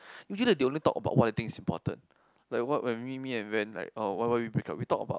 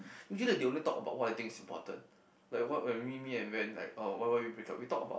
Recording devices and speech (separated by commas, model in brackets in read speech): close-talking microphone, boundary microphone, conversation in the same room